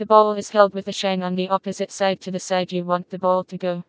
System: TTS, vocoder